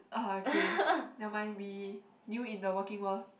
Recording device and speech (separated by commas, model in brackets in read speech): boundary microphone, conversation in the same room